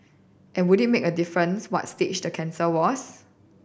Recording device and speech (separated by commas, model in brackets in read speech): boundary microphone (BM630), read sentence